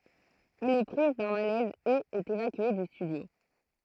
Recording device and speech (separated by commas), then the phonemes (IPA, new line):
throat microphone, read sentence
ɛl ɛ pʁiz dœ̃ malɛz e ɛt evakye dy stydjo